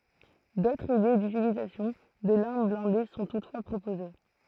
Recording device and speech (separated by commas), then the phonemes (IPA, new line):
throat microphone, read sentence
dotʁz ide dytilizasjɔ̃ də laʁm blɛ̃de sɔ̃ tutfwa pʁopoze